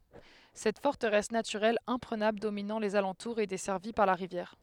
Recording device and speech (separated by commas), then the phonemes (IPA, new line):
headset microphone, read sentence
sɛt fɔʁtəʁɛs natyʁɛl ɛ̃pʁənabl dominɑ̃ lez alɑ̃tuʁz e dɛsɛʁvi paʁ la ʁivjɛʁ